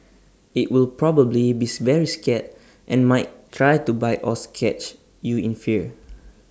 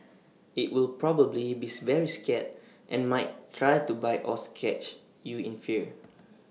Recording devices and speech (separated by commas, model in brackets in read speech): standing microphone (AKG C214), mobile phone (iPhone 6), read sentence